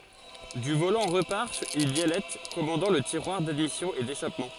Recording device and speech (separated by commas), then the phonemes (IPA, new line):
forehead accelerometer, read sentence
dy volɑ̃ ʁəpaʁ yn bjɛlɛt kɔmɑ̃dɑ̃ lə tiʁwaʁ dadmisjɔ̃ e deʃapmɑ̃